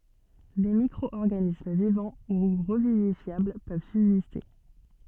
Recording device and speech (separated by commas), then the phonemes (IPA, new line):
soft in-ear microphone, read sentence
de mikʁɔɔʁɡanism vivɑ̃ u ʁəvivifjabl pøv sybziste